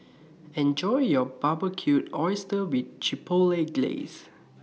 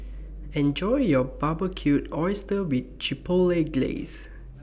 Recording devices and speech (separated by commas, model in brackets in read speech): mobile phone (iPhone 6), boundary microphone (BM630), read sentence